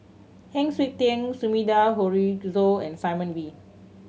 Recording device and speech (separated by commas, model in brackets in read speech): mobile phone (Samsung C7100), read sentence